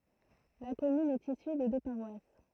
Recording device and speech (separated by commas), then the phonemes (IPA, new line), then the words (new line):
throat microphone, read sentence
la kɔmyn ɛt isy də dø paʁwas
La commune est issue de deux paroisses.